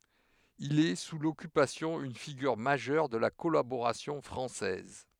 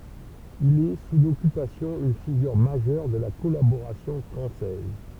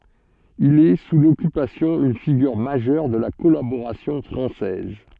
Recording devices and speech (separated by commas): headset microphone, temple vibration pickup, soft in-ear microphone, read sentence